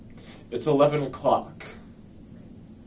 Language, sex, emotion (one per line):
English
male
neutral